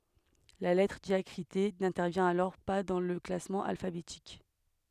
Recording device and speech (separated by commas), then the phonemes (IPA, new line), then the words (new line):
headset microphone, read sentence
la lɛtʁ djakʁite nɛ̃tɛʁvjɛ̃t alɔʁ pa dɑ̃ lə klasmɑ̃ alfabetik
La lettre diacritée n'intervient alors pas dans le classement alphabétique.